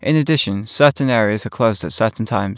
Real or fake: real